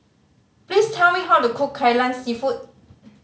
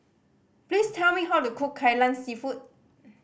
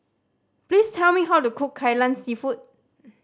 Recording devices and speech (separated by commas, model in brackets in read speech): mobile phone (Samsung C5010), boundary microphone (BM630), standing microphone (AKG C214), read sentence